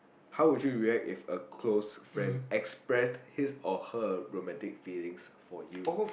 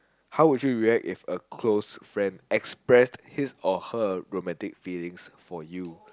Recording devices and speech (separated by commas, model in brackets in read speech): boundary microphone, close-talking microphone, conversation in the same room